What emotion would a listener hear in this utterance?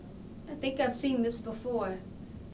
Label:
neutral